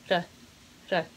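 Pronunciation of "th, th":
This is a tap T, also called a flap T: the American T made softer, not a hard T.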